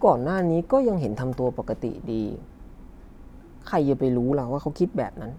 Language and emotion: Thai, frustrated